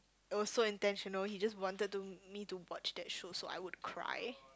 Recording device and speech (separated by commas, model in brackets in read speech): close-talking microphone, conversation in the same room